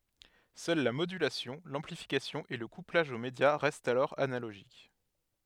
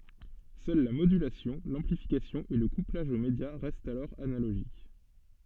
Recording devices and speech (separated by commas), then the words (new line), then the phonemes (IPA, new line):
headset microphone, soft in-ear microphone, read sentence
Seuls la modulation, l’amplification et le couplage au média restent alors analogiques.
sœl la modylasjɔ̃ lɑ̃plifikasjɔ̃ e lə kuplaʒ o medja ʁɛstt alɔʁ analoʒik